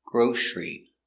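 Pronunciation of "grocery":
'Grocery' is said with a sh sound, not an s sound, so it begins 'grosh'. This pronunciation is correct.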